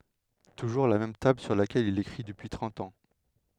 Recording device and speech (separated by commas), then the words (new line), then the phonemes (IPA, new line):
headset microphone, read sentence
Toujours la même table sur laquelle il écrit depuis trente ans.
tuʒuʁ la mɛm tabl syʁ lakɛl il ekʁi dəpyi tʁɑ̃t ɑ̃